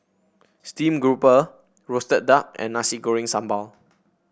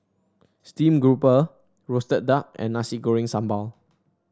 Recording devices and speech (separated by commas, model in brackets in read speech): boundary microphone (BM630), standing microphone (AKG C214), read sentence